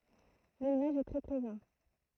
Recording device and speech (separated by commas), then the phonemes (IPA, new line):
throat microphone, read sentence
lelvaʒ ɛ tʁɛ pʁezɑ̃